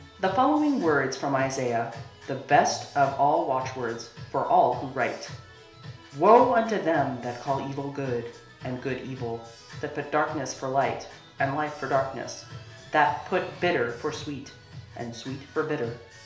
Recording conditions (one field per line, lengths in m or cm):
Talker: one person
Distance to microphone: 1.0 m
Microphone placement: close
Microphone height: 1.1 m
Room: small (3.7 m by 2.7 m)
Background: music